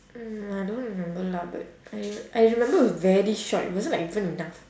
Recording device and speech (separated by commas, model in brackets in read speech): standing microphone, conversation in separate rooms